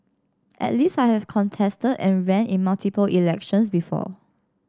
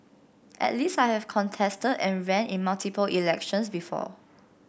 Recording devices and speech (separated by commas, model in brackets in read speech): standing microphone (AKG C214), boundary microphone (BM630), read sentence